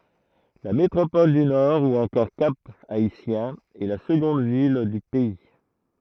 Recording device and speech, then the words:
throat microphone, read sentence
La métropole du Nord ou encore Cap-Haïtien est la seconde ville du pays.

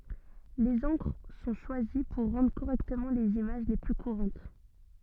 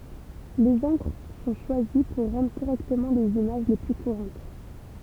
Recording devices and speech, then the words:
soft in-ear microphone, temple vibration pickup, read sentence
Les encres sont choisies pour rendre correctement les images les plus courantes.

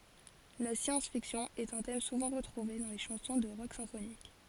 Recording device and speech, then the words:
forehead accelerometer, read sentence
La science-fiction est un thème souvent retrouvé dans les chansons de rock symphonique.

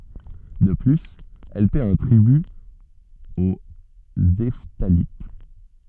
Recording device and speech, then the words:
soft in-ear microphone, read sentence
De plus, elle paie un tribut aux Hephthalites.

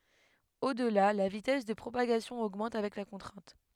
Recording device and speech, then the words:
headset microphone, read sentence
Au-delà, la vitesse de propagation augmente avec la contrainte.

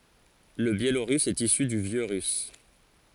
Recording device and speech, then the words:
forehead accelerometer, read sentence
Le biélorusse est issu du vieux russe.

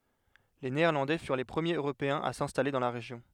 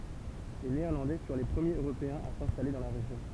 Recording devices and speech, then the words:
headset microphone, temple vibration pickup, read sentence
Les Néerlandais furent les premiers Européens à s'installer dans la région.

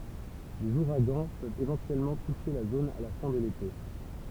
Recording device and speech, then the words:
temple vibration pickup, read sentence
Les ouragans peuvent éventuellement toucher la zone à la fin de l’été.

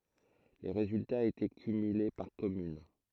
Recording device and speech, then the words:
throat microphone, read sentence
Les résultats étaient cumulés par commune.

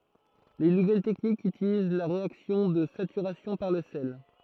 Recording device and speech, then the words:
throat microphone, read sentence
Les nouvelles techniques utilisent la réaction de saturation par le sel.

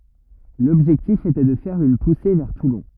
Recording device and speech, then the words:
rigid in-ear microphone, read sentence
L'objectif était de faire une poussée vers Toulon.

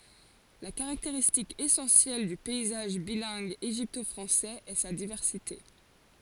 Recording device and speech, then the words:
forehead accelerometer, read sentence
La caractéristique essentielle du paysage bilingue égypto-français est sa diversité.

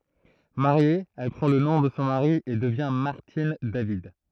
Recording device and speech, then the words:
throat microphone, read sentence
Mariée, elle prend le nom de son mari et devient Martine David.

